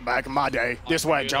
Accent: southern accent